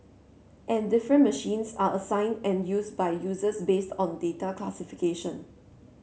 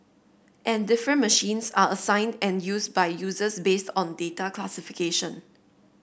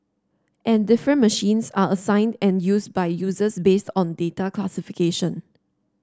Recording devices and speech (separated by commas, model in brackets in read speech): mobile phone (Samsung C7), boundary microphone (BM630), standing microphone (AKG C214), read sentence